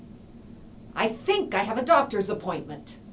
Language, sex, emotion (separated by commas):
English, female, angry